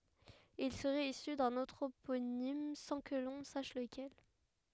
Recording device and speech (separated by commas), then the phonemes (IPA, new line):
headset microphone, read sentence
il səʁɛt isy dœ̃n ɑ̃tʁoponim sɑ̃ kə lɔ̃ saʃ ləkɛl